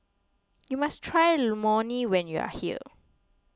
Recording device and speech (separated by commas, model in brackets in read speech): close-talking microphone (WH20), read sentence